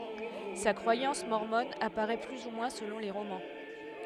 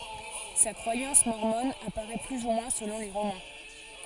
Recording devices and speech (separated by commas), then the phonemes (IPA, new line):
headset microphone, forehead accelerometer, read sentence
sa kʁwajɑ̃s mɔʁmɔn apaʁɛ ply u mwɛ̃ səlɔ̃ le ʁomɑ̃